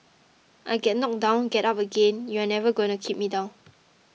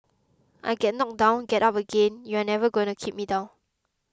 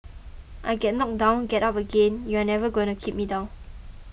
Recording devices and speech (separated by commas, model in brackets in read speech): mobile phone (iPhone 6), close-talking microphone (WH20), boundary microphone (BM630), read sentence